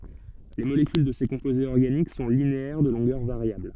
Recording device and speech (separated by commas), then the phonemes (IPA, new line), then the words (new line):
soft in-ear microphone, read sentence
le molekyl də se kɔ̃pozez ɔʁɡanik sɔ̃ lineɛʁ də lɔ̃ɡœʁ vaʁjabl
Les molécules de ces composés organiques sont linéaires de longueur variable.